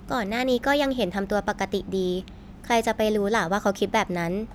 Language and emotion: Thai, neutral